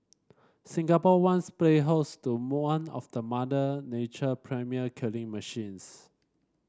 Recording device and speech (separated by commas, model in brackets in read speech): standing microphone (AKG C214), read sentence